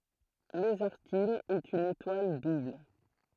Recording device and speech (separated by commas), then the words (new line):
throat microphone, read sentence
Mesarthim est une étoile double.